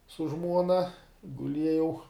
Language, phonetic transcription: Lithuanian, su ˈžmuona guˈliejau

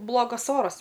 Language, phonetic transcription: Lithuanian, ˈblogas ˈoras

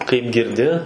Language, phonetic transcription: Lithuanian, kaip girˈdi

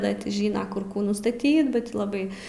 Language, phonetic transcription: Lithuanian, ˈda ti ˈžina kur ˈkų nustaˈtyt ba ˈtį laˈbai

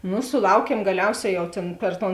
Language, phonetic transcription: Lithuanian, ˈnu suˈlaukiem gaˈliauˌsē jau ˈtėn per ˈton

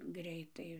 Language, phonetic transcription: Lithuanian, ˈgreitai

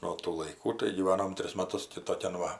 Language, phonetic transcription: Lithuanian, nuo tų laiˈkų tai gyˈvanom ˈtris maˈtus ti toˈkian ˈva

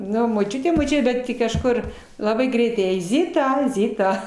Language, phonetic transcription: Lithuanian, ˈnu moˈčiute moˈčiute ˈbet ˈti kažˈkur laˈbai ˈgreitai jai ˈzita ˈzita

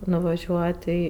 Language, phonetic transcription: Lithuanian, nuvaˈžiuot' ˈį

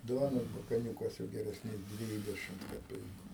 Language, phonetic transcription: Lithuanian, ˈduonos bakaˈniūkas jau geresˈnės ˈdvydešimt kaˈpeiku

